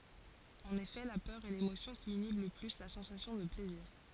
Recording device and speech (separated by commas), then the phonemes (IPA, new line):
forehead accelerometer, read sentence
ɑ̃n efɛ la pœʁ ɛ lemosjɔ̃ ki inib lə ply la sɑ̃sasjɔ̃ də plɛziʁ